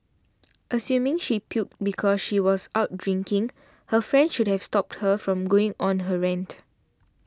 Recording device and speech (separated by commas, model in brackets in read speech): standing microphone (AKG C214), read sentence